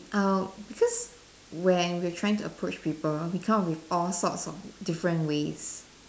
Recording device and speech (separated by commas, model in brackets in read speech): standing microphone, conversation in separate rooms